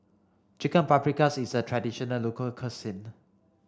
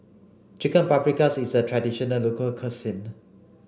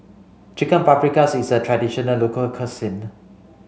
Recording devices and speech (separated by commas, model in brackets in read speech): standing microphone (AKG C214), boundary microphone (BM630), mobile phone (Samsung C5), read sentence